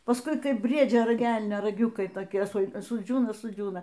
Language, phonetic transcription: Lithuanian, pasˈkui ˈkaip ˈbriedžio ˈrag ˈelnio raˈgiukai toˈkie su suˈdžiūna suˈdžiūna

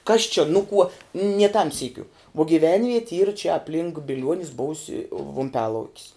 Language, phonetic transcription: Lithuanian, ˈkas čia ˈnu kuo nie tam ˈsykiu vuo gyˈvenvieti yr čia apˈlink biˈliuonis ˈbousi vumˈpialaukis

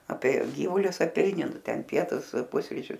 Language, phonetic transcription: Lithuanian, ˈapie ˈgyvulius aˈpeini ˈnu ˈten ˈpietus ˈpusričius

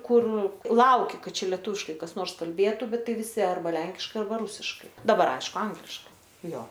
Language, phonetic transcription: Lithuanian, ˈkur ˈlauki ˈkad ˈčia leˈtūviškai ˈkas ˈnors kalˈbėtu ˈbet ˈtai viˈsi arˈba ˈlenkiškai arˈba ˈrusiškai daˈbar ˈaišku ˈangliškai ˈjo

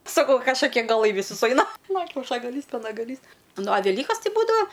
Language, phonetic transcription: Lithuanian, saˈkau kažkaˈkie gaˈlai visų suˈaina nu kiaušagaˈlys penagaˈlys ˈnu a veˈlykas ˈti ˈbūdava

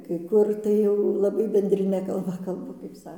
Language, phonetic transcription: Lithuanian, kai ˈkur tai ˈjau laˈbai bendriˈne kalˈba kalˈba kaip ˈsa

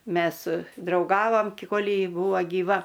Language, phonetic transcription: Lithuanian, ˈmes drauˈgavam ki ˈkol' ˈji ˈbūva gyˈva

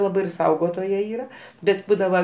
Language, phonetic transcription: Lithuanian, ˈlabai ir ˈsaugotoja ˈyra ˈbet ˈbūdava

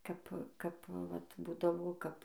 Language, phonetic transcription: Lithuanian, ˈkap ˈkap vat ˈbūdavo ˈkap

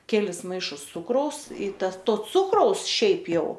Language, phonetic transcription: Lithuanian, ˈkelis ˈmaišus ˈcukraus y ˈtas ˈto ˈcukraus ˈšiaip ˈjau

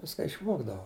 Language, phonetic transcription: Lithuanian, ˈviska išˈvogdavo

